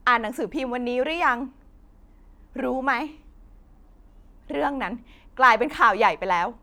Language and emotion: Thai, sad